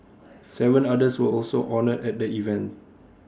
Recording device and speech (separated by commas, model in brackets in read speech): standing microphone (AKG C214), read sentence